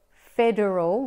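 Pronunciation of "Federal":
'Federal' is said with an Australian accent, the same way it is said in British English, with the er sound kept in rather than left out.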